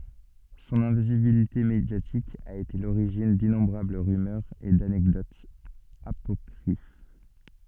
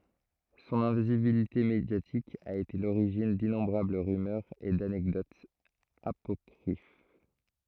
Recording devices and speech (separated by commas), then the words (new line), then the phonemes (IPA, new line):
soft in-ear microphone, throat microphone, read sentence
Son invisibilité médiatique a été à l'origine d'innombrables rumeurs et d'anecdotes apocryphes.
sɔ̃n ɛ̃vizibilite medjatik a ete a loʁiʒin dinɔ̃bʁabl ʁymœʁz e danɛkdotz apɔkʁif